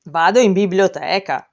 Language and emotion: Italian, surprised